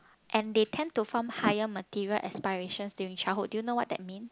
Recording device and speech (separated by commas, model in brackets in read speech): close-talking microphone, conversation in the same room